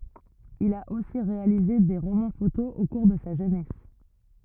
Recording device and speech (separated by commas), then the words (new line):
rigid in-ear microphone, read sentence
Il a aussi réalisé des romans-photos au cours de sa jeunesse.